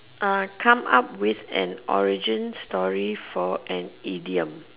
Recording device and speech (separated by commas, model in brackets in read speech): telephone, conversation in separate rooms